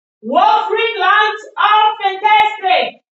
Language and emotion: English, neutral